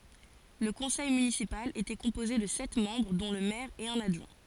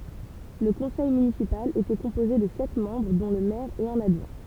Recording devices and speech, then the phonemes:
forehead accelerometer, temple vibration pickup, read sentence
lə kɔ̃sɛj mynisipal etɛ kɔ̃poze də sɛt mɑ̃bʁ dɔ̃ lə mɛʁ e œ̃n adʒwɛ̃

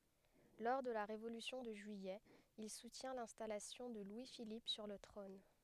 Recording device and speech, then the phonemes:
headset microphone, read sentence
lɔʁ də la ʁevolysjɔ̃ də ʒyijɛ il sutjɛ̃ lɛ̃stalasjɔ̃ də lwi filip syʁ lə tʁɔ̃n

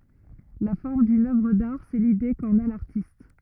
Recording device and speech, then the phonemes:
rigid in-ear microphone, read sentence
la fɔʁm dyn œvʁ daʁ sɛ lide kɑ̃n a laʁtist

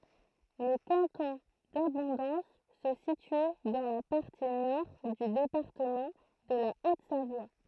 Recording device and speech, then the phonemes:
throat microphone, read sentence
lə kɑ̃tɔ̃ dabɔ̃dɑ̃s sə sity dɑ̃ la paʁti nɔʁ dy depaʁtəmɑ̃ də la otzavwa

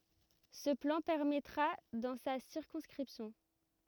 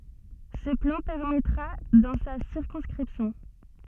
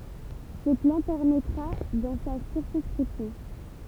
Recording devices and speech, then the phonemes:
rigid in-ear microphone, soft in-ear microphone, temple vibration pickup, read sentence
sə plɑ̃ pɛʁmɛtʁa dɑ̃ sa siʁkɔ̃skʁipsjɔ̃

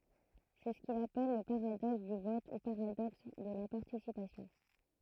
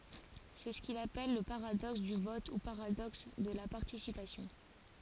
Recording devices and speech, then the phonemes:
throat microphone, forehead accelerometer, read sentence
sɛ sə kil apɛl lə paʁadɔks dy vɔt u paʁadɔks də la paʁtisipasjɔ̃

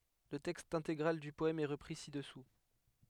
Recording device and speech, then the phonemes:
headset microphone, read sentence
lə tɛkst ɛ̃teɡʁal dy pɔɛm ɛ ʁəpʁi sidɛsu

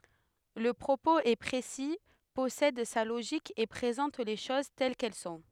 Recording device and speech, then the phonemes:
headset microphone, read sentence
lə pʁopoz ɛ pʁesi pɔsɛd sa loʒik e pʁezɑ̃t le ʃoz tɛl kɛl sɔ̃

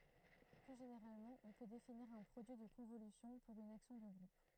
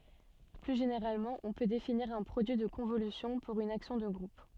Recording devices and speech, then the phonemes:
throat microphone, soft in-ear microphone, read sentence
ply ʒeneʁalmɑ̃ ɔ̃ pø definiʁ œ̃ pʁodyi də kɔ̃volysjɔ̃ puʁ yn aksjɔ̃ də ɡʁup

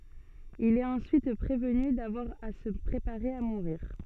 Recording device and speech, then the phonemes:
soft in-ear microphone, read sentence
il ɛt ɑ̃syit pʁevny davwaʁ a sə pʁepaʁe a muʁiʁ

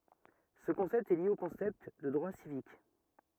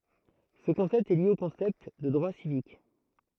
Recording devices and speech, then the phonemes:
rigid in-ear microphone, throat microphone, read sentence
sə kɔ̃sɛpt ɛ lje o kɔ̃sɛpt də dʁwa sivik

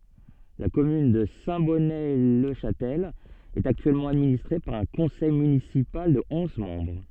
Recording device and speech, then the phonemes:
soft in-ear microphone, read sentence
la kɔmyn də sɛ̃tbɔnətlɛʃastɛl ɛt aktyɛlmɑ̃ administʁe paʁ œ̃ kɔ̃sɛj mynisipal də ɔ̃z mɑ̃bʁ

